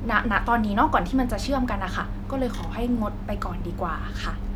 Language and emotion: Thai, frustrated